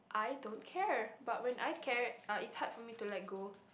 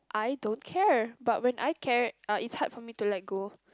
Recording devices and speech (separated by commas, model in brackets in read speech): boundary microphone, close-talking microphone, conversation in the same room